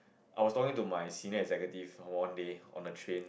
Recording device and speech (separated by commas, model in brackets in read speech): boundary microphone, conversation in the same room